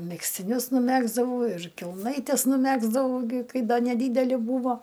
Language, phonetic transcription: Lithuanian, megztiˈnius nuˈmegzdavau ir kelˈnaites nuˈmegzdavau gi ˈkai ˈda neˈdydeli ˈbūvo

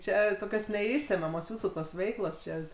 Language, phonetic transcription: Lithuanian, ˈčia toˈkios neˈišsemiamos ˈjūsų tos ˈveiklos ˈčia

